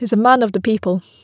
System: none